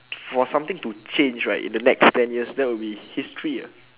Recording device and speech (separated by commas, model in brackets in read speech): telephone, conversation in separate rooms